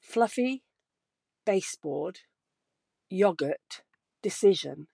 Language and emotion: English, sad